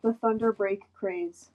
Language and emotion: English, sad